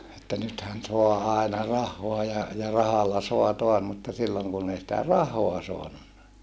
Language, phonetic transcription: Finnish, että nythän soa aena rahhoa ja , ja rahalla soa toas mutta silloŋ kunn ‿ei sⁱtä rahoa soanunna .
- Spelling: että nythän saa aina rahaa ja ja rahalla saa taas mutta silloin kun ei sitä rahaa saanut

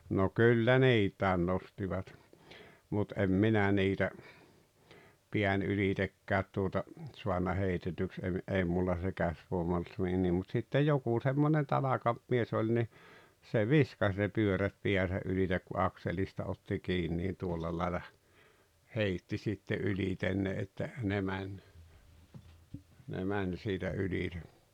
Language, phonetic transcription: Finnish, no 'kyllä "niit̀ä̀en 'nostivat , mut em "minä niitä , 'piän 'ylitekkäät tuota , 'suanna 'heitetyks 'ev- , '’ei mulla se "käsvòema olt nii niim mut sittej "jokù semmonen 'tanakamp 'mies ‿oĺ ni , se "viskas ne 'pyörät 'piäsä 'ylitek ku "akselista otti 'kiin niin̬ 'tuolla làela , "heitti sitte '’yĺiten ne että , ne "mäń , ne 'mäń siitä 'ylite .
- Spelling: no kyllä niitä nostivat mutta en minä niitä pään ylitsekään tuota saanut heitetyksi - ei minulla se käsivoima ollut niin niin mutta sitten joku semmoinen tanakampi mies oli niin se viskasi ne pyörät päänsä yli kun akselista otti kiinni niin tuolla lailla heitti sitten ylitse ne että ne meni ne meni siitä ylitse

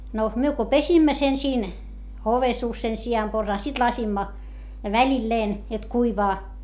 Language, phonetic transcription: Finnish, no , myö ko pesimmä sen siin , ovesuus sen si₍amporsaa - sit lasimma , väĺilleen , jot kuivaa .
- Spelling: no me kun pesimme sen siinä ovensuussa sen sianporsaan sitten laskimme välillään jotta kuivaa

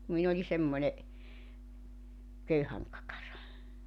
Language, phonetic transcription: Finnish, kum min ‿oĺi semmońe , 'köyhäŋ kakara .
- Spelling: kun minä olin semmoinen köyhän kakara

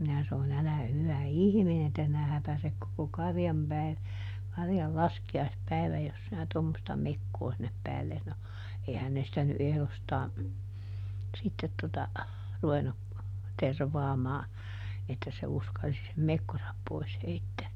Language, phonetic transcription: Finnish, ˈminä ˈsanon » "älä ˈhyvä "ihminen että sinä ˈhäpäsek koko "karjam päi- , ˈkarjal "laski₍aisˈpäiväj jos sinä ˈtommosta "mekkoo sinnep ˈpäälles » no , ˈeihän ne sⁱtä ny ˈʼehlostaa , ˈsittet tota , ˈruvennu , ˈtervaamaa , että se ˈuskalsi sem "mekkosap ˈpois ˈheittää .
- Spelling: minä sanoin älä hyvä ihminen että sinä häpäiset koko karjan - karjan laskiaispäivän jos sinä tuommoista mekkoa sinne päällesi no eihän ne sitä nyt ehdostaan sitten tuota ruvennut tervaamaan että se uskalsi sen mekkonsa pois heittää

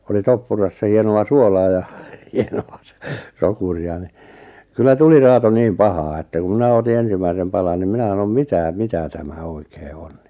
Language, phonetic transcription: Finnish, oli 'toppurassa 'hieno₍a "suolaa ja , hieno₍a sᵒ- , "sokuri₍a ni , 'kyllä "tuli 'raato niim "pahaa että ku 'mⁱnä oti 'ensimäisem palan nim 'mⁱnä sanom » "mitä , "mitä 'tämä 'oikee 'ᴏɴ « ɴɪ .
- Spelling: oli toppurassa hienoa suolaa ja hienoa - sokeria niin kyllä tuli raato niin pahaa että kun minä otin ensimmäisen palan niin minä sanoin mitä mitä tämä oikein on niin

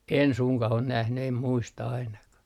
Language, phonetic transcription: Finnish, 'en suŋkah ‿on nähny em 'muista ainakah .
- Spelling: en suinkaan ole nähnyt en muista ainakaan

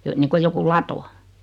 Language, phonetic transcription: Finnish, 'jo- niiŋkoj 'joku "lato .
- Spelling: - niin kuin joku lato

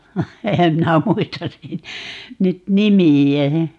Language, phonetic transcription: Finnish, 'ehäm 'minä "muistas 'sit- , 'nyt "nimi₍ä .
- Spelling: enhän minä muista - nyt nimeä

